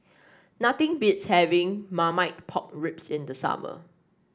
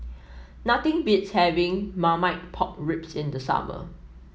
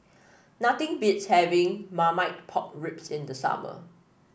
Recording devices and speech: standing microphone (AKG C214), mobile phone (iPhone 7), boundary microphone (BM630), read sentence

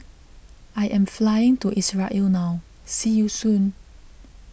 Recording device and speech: boundary microphone (BM630), read sentence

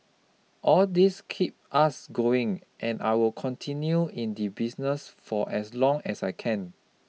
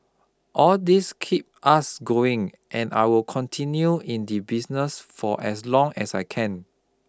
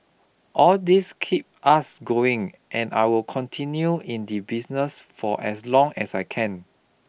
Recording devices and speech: mobile phone (iPhone 6), close-talking microphone (WH20), boundary microphone (BM630), read sentence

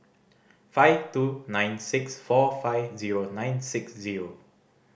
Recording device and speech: boundary microphone (BM630), read sentence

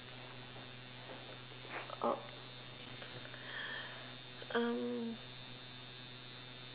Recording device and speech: telephone, conversation in separate rooms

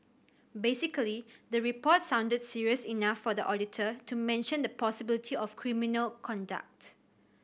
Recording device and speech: boundary microphone (BM630), read sentence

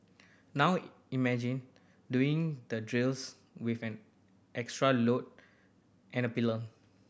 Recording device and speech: boundary microphone (BM630), read sentence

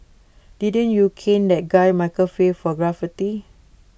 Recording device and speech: boundary microphone (BM630), read sentence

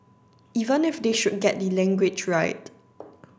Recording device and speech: standing microphone (AKG C214), read sentence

